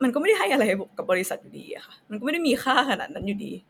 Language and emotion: Thai, sad